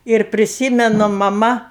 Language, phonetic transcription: Lithuanian, ir priˈsymenu maˈma

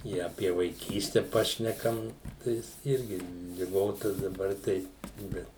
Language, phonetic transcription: Lithuanian, ˈi apie vaiˈkyste ˈpašnekam ˈtais ˈirgi liˈgota daˈbar tai ˈbet

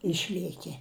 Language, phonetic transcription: Lithuanian, ˈišliekie

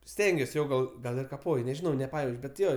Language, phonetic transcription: Lithuanian, ˈstengiuos ˈjo ˈgal ˈgal ir kaˈpoj nežiˈnau neˈpajauč bet ˈjo

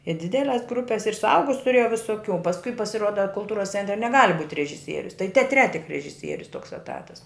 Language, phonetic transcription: Lithuanian, i ˈdideles ˈgrupes ir suˈaugus tuˈrėjau visoˈkių pasˈkui pasiˈruoda kulˈtūras ˈcentre neˈgali būt' režiˈsierius tai teaˈtre tik režiˈsierius toks eˈtatas

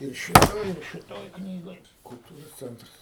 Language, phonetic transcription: Lithuanian, ˈir šiˈtoj ir šiˈtoj ˈknygoj kulˈtūros ˈcentras

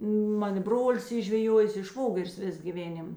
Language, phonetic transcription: Lithuanian, ˈman i ˈbrolis ˈy žveˈjuojės i ˈšvogeris ˈvės gyˈvėnim

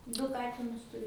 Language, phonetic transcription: Lithuanian, ˈdu ˈkatinus tuˈriu

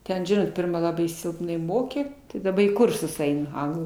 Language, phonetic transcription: Lithuanian, ˈten ˈžinot ˈpirma ˈlabai ˈsilpnai ˈmokė tai daˈba į ˈkursus ˈeinu ˈanglų

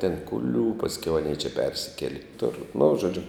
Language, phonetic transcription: Lithuanian, ten kuˈlių pasˈkiau aˈnie čia ˈpersikeli kiˈtur nu žoˈdžiu

